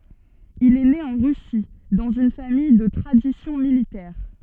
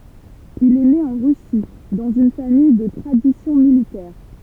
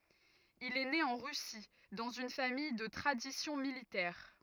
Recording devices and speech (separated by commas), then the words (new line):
soft in-ear microphone, temple vibration pickup, rigid in-ear microphone, read sentence
Il est né en Russie, dans une famille de tradition militaire.